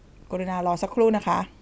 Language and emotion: Thai, neutral